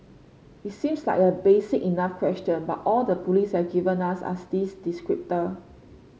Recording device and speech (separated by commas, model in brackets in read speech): mobile phone (Samsung C5), read sentence